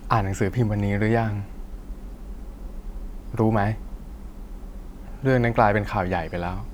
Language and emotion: Thai, frustrated